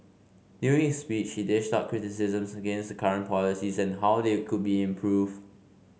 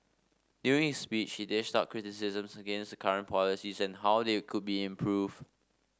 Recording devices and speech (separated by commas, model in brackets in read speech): mobile phone (Samsung C5), standing microphone (AKG C214), read sentence